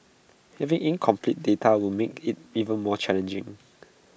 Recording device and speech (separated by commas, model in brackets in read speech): boundary microphone (BM630), read sentence